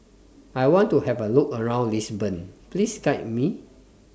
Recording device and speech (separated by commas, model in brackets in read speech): standing microphone (AKG C214), read sentence